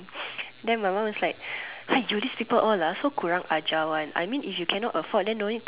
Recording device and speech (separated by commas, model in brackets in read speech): telephone, conversation in separate rooms